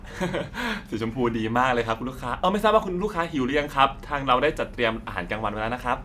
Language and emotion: Thai, happy